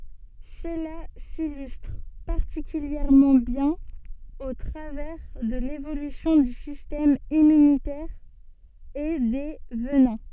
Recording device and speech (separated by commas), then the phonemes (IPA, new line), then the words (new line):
soft in-ear microphone, read sentence
səla silystʁ paʁtikyljɛʁmɑ̃ bjɛ̃n o tʁavɛʁ də levolysjɔ̃ dy sistɛm immynitɛʁ e de vənɛ̃
Cela s'illustre particulièrement bien au travers de l'évolution du système immunitaire et des venins.